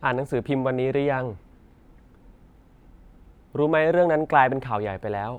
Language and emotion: Thai, neutral